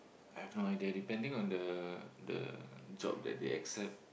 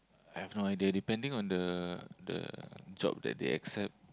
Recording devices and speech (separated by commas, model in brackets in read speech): boundary microphone, close-talking microphone, conversation in the same room